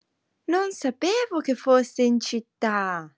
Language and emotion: Italian, surprised